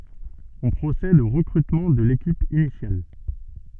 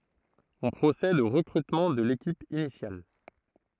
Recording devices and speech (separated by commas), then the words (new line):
soft in-ear microphone, throat microphone, read sentence
On procède au recrutement de l'équipe initiale.